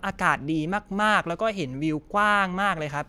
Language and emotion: Thai, happy